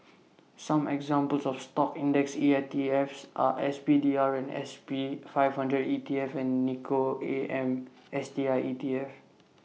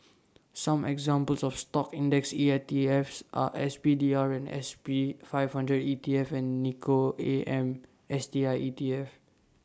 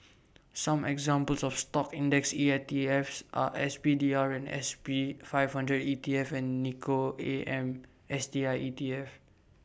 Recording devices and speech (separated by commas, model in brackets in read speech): mobile phone (iPhone 6), standing microphone (AKG C214), boundary microphone (BM630), read sentence